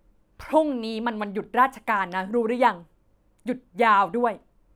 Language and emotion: Thai, frustrated